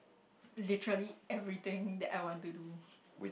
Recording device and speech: boundary microphone, conversation in the same room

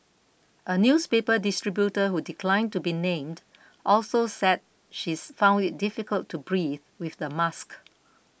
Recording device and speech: boundary microphone (BM630), read sentence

